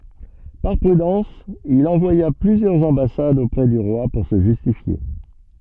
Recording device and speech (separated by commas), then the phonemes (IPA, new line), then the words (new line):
soft in-ear microphone, read sentence
paʁ pʁydɑ̃s il ɑ̃vwaja plyzjœʁz ɑ̃basadz opʁɛ dy ʁwa puʁ sə ʒystifje
Par prudence, il envoya plusieurs ambassades auprès du roi pour se justifier.